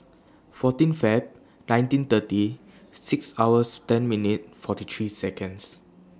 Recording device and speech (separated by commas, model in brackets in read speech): standing microphone (AKG C214), read sentence